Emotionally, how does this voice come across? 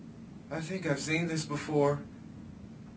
fearful